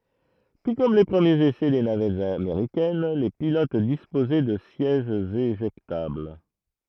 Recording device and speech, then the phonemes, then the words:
throat microphone, read sentence
tu kɔm le pʁəmjez esɛ de navɛtz ameʁikɛn le pilot dispozɛ də sjɛʒz eʒɛktabl
Tout comme les premiers essais des navettes américaines, les pilotes disposaient de sièges éjectables.

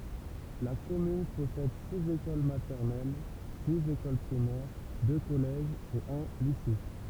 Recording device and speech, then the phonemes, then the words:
temple vibration pickup, read sentence
la kɔmyn pɔsɛd siz ekol matɛʁnɛl siz ekol pʁimɛʁ dø kɔlɛʒz e œ̃ lise
La commune possède six écoles maternelles, six écoles primaires, deux collèges et un lycée.

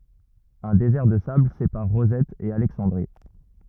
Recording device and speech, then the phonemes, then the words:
rigid in-ear microphone, read sentence
œ̃ dezɛʁ də sabl sepaʁ ʁozɛt e alɛksɑ̃dʁi
Un désert de sable sépare Rosette et Alexandrie.

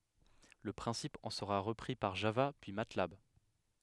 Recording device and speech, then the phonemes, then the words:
headset microphone, read sentence
lə pʁɛ̃sip ɑ̃ səʁa ʁəpʁi paʁ ʒava pyi matlab
Le principe en sera repris par Java puis Matlab.

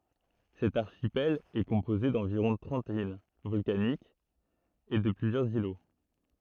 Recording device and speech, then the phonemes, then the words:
throat microphone, read sentence
sɛt aʁʃipɛl ɛ kɔ̃poze dɑ̃viʁɔ̃ tʁɑ̃t il vɔlkanikz e də plyzjœʁz ilo
Cet archipel est composé d’environ trente îles volcaniques et de plusieurs îlots.

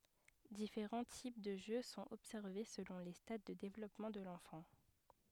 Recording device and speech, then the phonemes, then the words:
headset microphone, read sentence
difeʁɑ̃ tip də ʒø sɔ̃t ɔbsɛʁve səlɔ̃ le stad də devlɔpmɑ̃ də lɑ̃fɑ̃
Différents types de jeu sont observés selon les stades de développement de l’enfant.

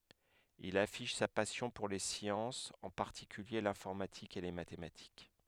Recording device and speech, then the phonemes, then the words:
headset microphone, read sentence
il afiʃ sa pasjɔ̃ puʁ le sjɑ̃sz ɑ̃ paʁtikylje lɛ̃fɔʁmatik e le matematik
Il affiche sa passion pour les sciences, en particulier l'informatique et les mathématiques.

